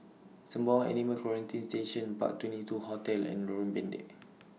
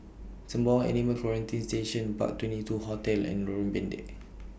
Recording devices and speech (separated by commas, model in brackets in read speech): mobile phone (iPhone 6), boundary microphone (BM630), read sentence